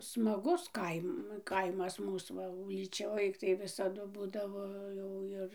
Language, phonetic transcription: Lithuanian, smaˈgus ˈkaim ˈkaimas ˈmūs va ūlyˈčioj tai visaˈdu ˈbūdavo jau ˈir

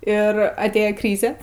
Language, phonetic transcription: Lithuanian, ir atˈėja ˈkryze

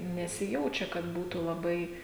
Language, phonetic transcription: Lithuanian, nesiˈjaučia kad ˈbūtų laˈbai

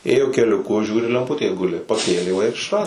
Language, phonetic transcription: Lithuanian, ˈėjo keliuˈku ˈžiūri lemˈputė ˈguli paˈkėlė va ir išˈrado

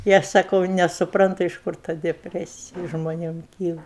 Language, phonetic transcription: Lithuanian, i ˈaš saˈkau nesuˈprantu iš ˈkur ta deˈpresiji žmoˈnėm ˈkyla

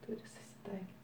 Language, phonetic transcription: Lithuanian, ˈturi susiˈtaikit

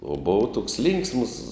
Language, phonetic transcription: Lithuanian, o ˈbova toks ˈlinksms

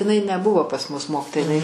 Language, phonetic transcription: Lithuanian, iˈnai neˈbuvo pas mus ˈmokitoja iˈnai

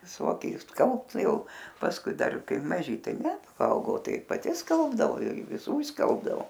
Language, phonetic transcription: Lithuanian, viˈsoki išsˈkalbt ˈjau pasˈkui ˈdar ˈkai maˈži ˈtai ˈne paˈaugau ˈ tai paˈti ˈskalbdavo ir viˈsų išˈskalbdavo

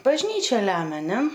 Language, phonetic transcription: Lithuanian, bažˈnyčia ˈlemia ˈne

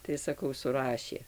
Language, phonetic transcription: Lithuanian, tai saˈkau suˈrašė

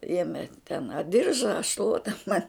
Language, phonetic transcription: Lithuanian, ˈėme ten a ˈdirža a ˈšluota man

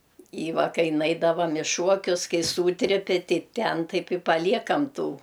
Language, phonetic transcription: Lithuanian, i ˈva ˈkai ˈnaidavam i ˈšuokius ˈkai ˈsūtripi ˈtei ˈten ˈtaip i paˈliekam ˈtų

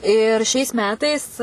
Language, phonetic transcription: Lithuanian, ir šiais ˈmetais

